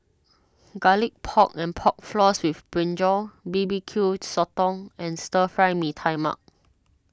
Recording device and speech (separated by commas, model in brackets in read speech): standing microphone (AKG C214), read sentence